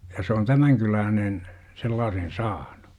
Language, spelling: Finnish, se ja se on tämän kyläinen sellaisen saanut
- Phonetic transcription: se , ja se on 'tämäŋ 'kyläänen , 'sellaasen "saaNU .

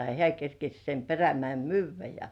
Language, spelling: Finnish, ja hän kerkesi sen Perämäen myydä ja
- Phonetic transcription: ja 'hĕä̀ kerkeś sem 'Perämäḙm "myyv̆vä ja .

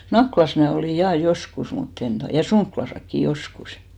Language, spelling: Finnish, Nakkilassa minä olin ja joskus mutta en tuota ja Sonkilassakin joskus
- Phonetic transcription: 'Naklas mnä̀ 'olì 'jà "joskus mut't ‿en to(tà) , ja 'Soŋklasakki "joskus .

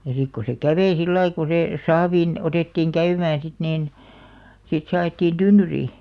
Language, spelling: Finnish, ja sitten kun se kävi sillä lailla kun se saaviin otettiin käymään sitten niin sitten se ajettiin tynnyriin
- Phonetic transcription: ja sik ko se "kävei 'sillai ko se , 'saaviin , 'otèttiiŋ "käymään̬ sit niin , 'sit se a₍ettiin 'tynnyrii .

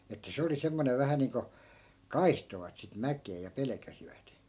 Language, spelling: Finnish, että se oli semmoinen vähän niin kuin kaihtoivat sitten mäkeä ja pelkäsivät
- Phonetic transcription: että 'se oli semmonev 'vähä niiŋko , "kaihtovat sit 'mäk̀ee ja 'pelᵉkäsivät .

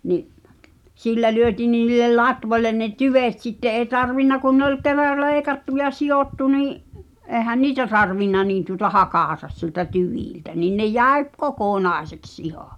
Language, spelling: Finnish, niin sillä lyötiin niin niille latvoille ne tyvet sitten ei tarvinnut kun ne oli kerran leikattu ja silvottu niin eihän niitä tarvinnut niin tuota hakata sieltä tyviltä niin ne jäi - kokonaiseksi ihan
- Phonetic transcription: ni’ , 'sillä lyöti̳n nin ni̳l̆lel "latvoĺlen ne "tyvet sitte ’ee 'tarvinna kun ne ‿oĺ ker̆ral̆ "leeⁱkattu ja "si₍ottu nii’ , ’eehän "niitä tarvinna niin tuᵒta "hakàta siĕltä "tyvìltä nìn ne 'jä̀i ᵖ- , "kokònàeseks 'iha .

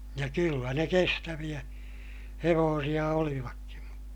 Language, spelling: Finnish, ja kyllä ne kestäviä hevosia olivatkin
- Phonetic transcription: ja kyllä ne kestäviʲä , hevoosiʲa olivakkin̬ .

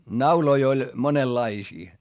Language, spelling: Finnish, nauloja oli monenlaisia
- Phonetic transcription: nauloi oĺ , monellaisii .

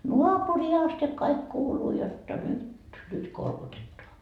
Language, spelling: Finnish, naapuriin asti kaikki kuuluu jotta nyt nyt kolkutetaan
- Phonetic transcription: "nuapurii aste kaik 'kuuluu jotta 'nyt , nyt 'kolkutettoa .

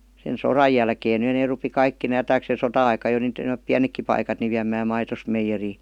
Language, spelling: Finnish, sen sodan jälkeen nyt ne rupesi kaikki nämä - ja sota-aikana jo - on pienetkin paikat niin viemään maitonsa meijeriin
- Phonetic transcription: sen "soraj̆ jälkeen (ny) nee rupi 'kaikki nää 'taks- ja 'sota₍aika jo (- -) ⁿoop "piänekki paikat ni viäm̆määm 'maitos 'meijerii .

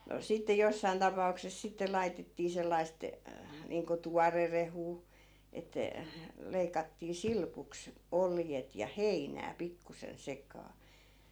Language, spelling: Finnish, no sitten jossakin tapauksessa sitten laitettiin sellaista niin kuin tuorerehua että leikattiin silpuksi oljet ja heinää pikkuisen sekaan
- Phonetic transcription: no 'sitte 'jossain tapa₍ukses sitte 'laitettii 'sellaist , niiŋko "tuarerehuu , että , 'leikattii "silpuks , "oljet ja "heinää 'pikkusen 'sek̀aa .

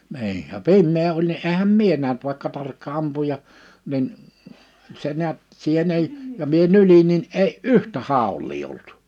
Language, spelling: Finnish, niin ja pimeä oli niin enhän minä nähnyt vaikka tarkka ampuja niin se näet siihen ei ja minä nyljin niin ei yhtä haulia ollut
- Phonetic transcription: ni̬i , ja "pimmee oĺ ni '’ehäm "mie nähnt vàikka 'tarkka 'ampuja , nin , se 'ni̬ät , 'siihen ‿ei , ja mie 'nylin̆ nin '’ei "’yhtä "hàul̆lii olt .

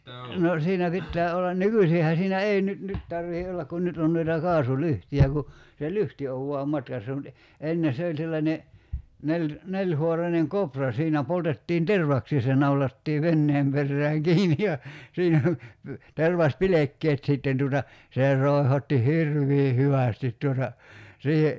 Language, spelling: Finnish, no siinä pitää olla nykyisinhän siinä ei nyt nyt tarvitse olla kun nyt on noita kaasulyhtyjä kun se lyhty on vain matkassa mutta - ennen se oli sellainen - nelihaarainen koura siinä poltettiin tervaksia ja se naulattiin veneen perään kiinni ja siinä tervaspilkkeet sitten tuota se roihotti hirveän hyvästi tuota siihen
- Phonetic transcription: 'no , 'siinä 'pittää ollan "nykysiihä siinä "ei nyt 'nyt tarvihe "ollak kun 'nyt on noita 'kaasu"lyhti₍ä ku , se "lyhti ow vua "matkassa mut e- , 'enne 'se oĺ sellańe , 'neĺ- , 'neĺho̭araneŋ "kopra 'siinä 'poltettiin "tervaksii (ja) se 'naulattii 'venneem perääŋ "kiini ja , 'siinä , 'tervas"pilekkeet sìtten tuuta , 'sè 'ròi̬hotti "hirv̀ii 'hyvä̀stit tuota , 'siihe ,.

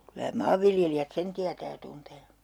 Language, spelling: Finnish, kyllä maanviljelijät sen tietää ja tuntee
- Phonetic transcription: kylä "maavviljelijät 'sen tiätää ja 'tuntee .

